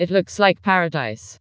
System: TTS, vocoder